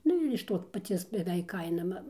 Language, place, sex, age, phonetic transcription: Lithuanian, Dzūkija, female, 60+, ˈnu ir iš ˈto paˈcies beˈveik ˈkaina ma

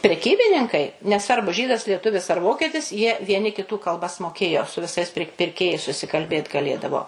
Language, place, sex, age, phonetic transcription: Lithuanian, Suvalkija, female, 60+, preˈkybininkai neˈsvarbu ˈžydas lieˈtuvis ar ˈvokietis jie vieˈni kiˈtų kalˈbas moˈkėjo su viˈsais pir pirˈkėjais susikalˈbėt gaˈlėdavo

